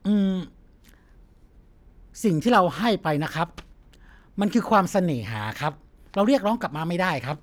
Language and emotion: Thai, neutral